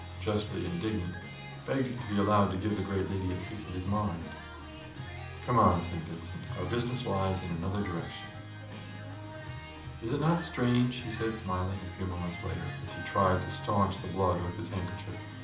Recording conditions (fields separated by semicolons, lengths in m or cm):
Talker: one person; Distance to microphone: 2.0 m; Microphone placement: close; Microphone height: 99 cm; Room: medium-sized (5.7 m by 4.0 m); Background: music